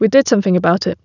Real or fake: real